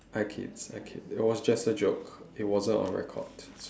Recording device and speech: standing microphone, conversation in separate rooms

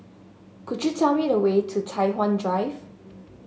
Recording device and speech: mobile phone (Samsung S8), read sentence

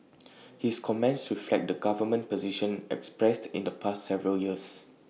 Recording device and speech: mobile phone (iPhone 6), read sentence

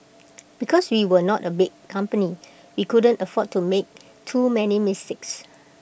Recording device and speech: boundary microphone (BM630), read sentence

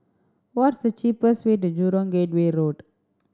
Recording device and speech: standing microphone (AKG C214), read sentence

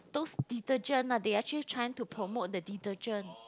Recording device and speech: close-talking microphone, conversation in the same room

